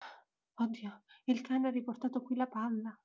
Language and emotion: Italian, fearful